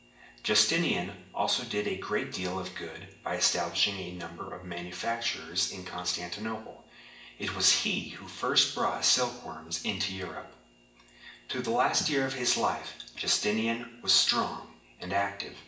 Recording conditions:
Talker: one person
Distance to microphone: 1.8 m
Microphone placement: close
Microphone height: 1.0 m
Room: large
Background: none

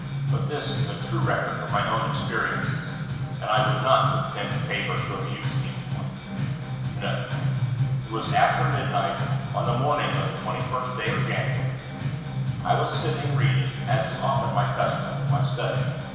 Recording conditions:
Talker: one person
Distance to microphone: 1.7 m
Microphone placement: close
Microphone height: 1.0 m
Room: very reverberant, large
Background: music

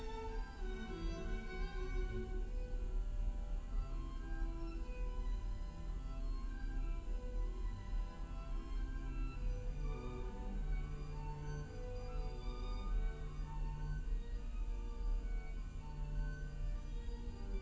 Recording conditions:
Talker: no one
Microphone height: 71 cm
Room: large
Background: music

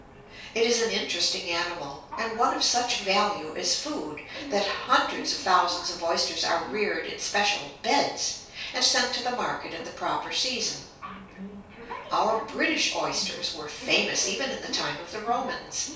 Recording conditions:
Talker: one person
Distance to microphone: 3.0 m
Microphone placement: far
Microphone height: 1.8 m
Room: small (3.7 m by 2.7 m)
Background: television

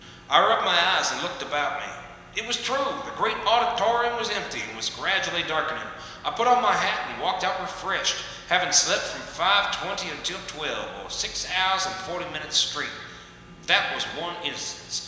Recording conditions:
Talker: one person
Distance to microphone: 1.7 m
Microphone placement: close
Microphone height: 1.0 m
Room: very reverberant, large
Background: none

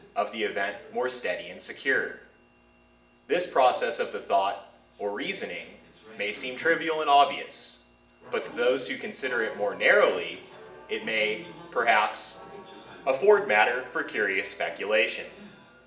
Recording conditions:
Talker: one person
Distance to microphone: 1.8 m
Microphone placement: close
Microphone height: 1.0 m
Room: large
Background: television

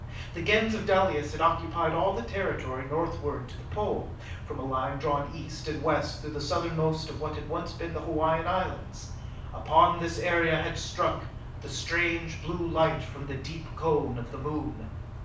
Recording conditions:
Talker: one person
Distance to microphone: 5.8 m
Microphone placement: far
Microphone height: 1.8 m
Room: medium-sized (5.7 m by 4.0 m)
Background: none

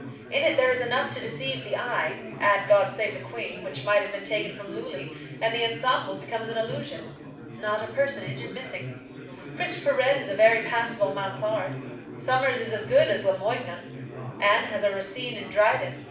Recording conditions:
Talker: one person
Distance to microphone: 5.8 m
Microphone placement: far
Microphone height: 1.8 m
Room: medium-sized (5.7 m by 4.0 m)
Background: babble

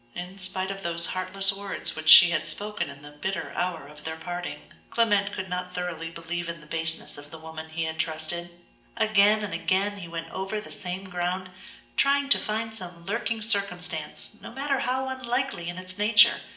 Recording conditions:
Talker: one person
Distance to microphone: 1.8 m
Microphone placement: close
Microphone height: 1.0 m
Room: large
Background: none

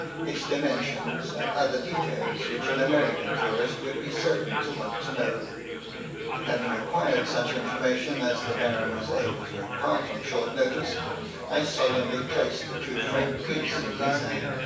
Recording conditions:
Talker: one person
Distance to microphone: 9.8 m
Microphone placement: far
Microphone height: 1.8 m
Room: large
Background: babble

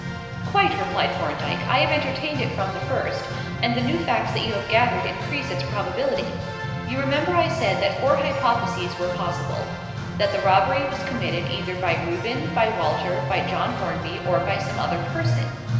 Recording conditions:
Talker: one person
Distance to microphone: 1.7 m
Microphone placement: close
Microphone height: 1.0 m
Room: very reverberant, large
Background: music

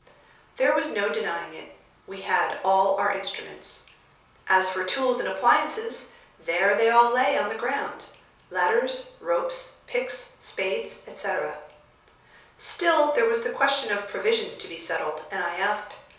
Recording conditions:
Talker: one person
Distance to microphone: 3.0 m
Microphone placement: far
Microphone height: 1.8 m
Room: small (3.7 m by 2.7 m)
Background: none

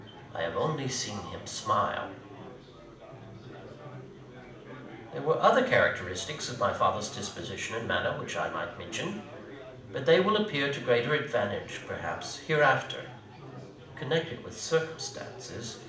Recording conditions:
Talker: one person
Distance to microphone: 2.0 m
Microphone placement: close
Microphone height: 99 cm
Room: medium-sized (5.7 m by 4.0 m)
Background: babble

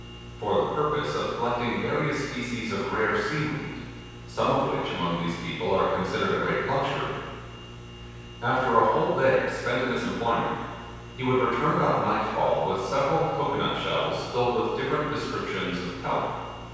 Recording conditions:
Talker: one person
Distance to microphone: 7.1 m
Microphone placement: far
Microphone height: 1.7 m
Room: very reverberant, large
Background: none

